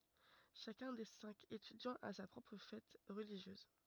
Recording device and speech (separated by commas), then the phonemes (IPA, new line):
rigid in-ear microphone, read sentence
ʃakœ̃ de sɛ̃k etydjɑ̃z a sa pʁɔpʁ fɛt ʁəliʒjøz